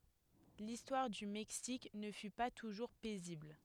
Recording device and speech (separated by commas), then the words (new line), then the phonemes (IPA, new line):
headset microphone, read sentence
L'histoire du Mexique ne fut pas toujours paisible.
listwaʁ dy mɛksik nə fy pa tuʒuʁ pɛzibl